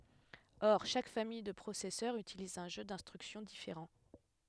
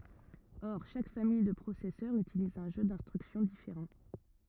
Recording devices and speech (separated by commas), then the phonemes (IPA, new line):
headset microphone, rigid in-ear microphone, read sentence
ɔʁ ʃak famij də pʁosɛsœʁz ytiliz œ̃ ʒø dɛ̃stʁyksjɔ̃ difeʁɑ̃